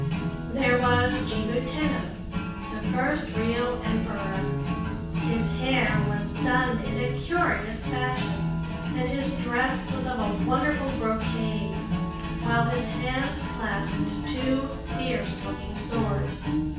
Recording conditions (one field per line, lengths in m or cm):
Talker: one person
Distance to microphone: 9.8 m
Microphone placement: far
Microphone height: 1.8 m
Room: large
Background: music